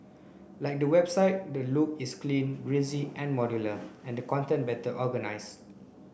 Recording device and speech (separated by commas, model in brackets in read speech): boundary microphone (BM630), read sentence